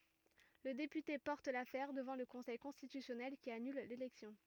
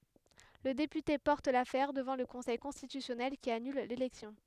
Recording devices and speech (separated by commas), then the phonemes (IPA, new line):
rigid in-ear microphone, headset microphone, read sentence
lə depyte pɔʁt lafɛʁ dəvɑ̃ lə kɔ̃sɛj kɔ̃stitysjɔnɛl ki anyl lelɛksjɔ̃